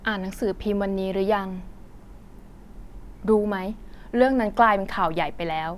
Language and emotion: Thai, neutral